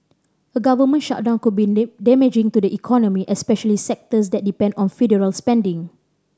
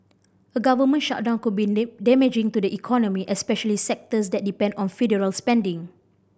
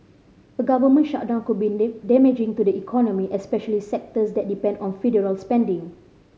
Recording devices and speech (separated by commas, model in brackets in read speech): standing microphone (AKG C214), boundary microphone (BM630), mobile phone (Samsung C5010), read sentence